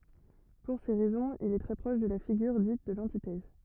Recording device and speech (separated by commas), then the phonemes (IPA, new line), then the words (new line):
rigid in-ear microphone, read sentence
puʁ se ʁɛzɔ̃z il ɛ tʁɛ pʁɔʃ də la fiɡyʁ dit də lɑ̃titɛz
Pour ces raisons, il est très proche de la figure dite de l'antithèse.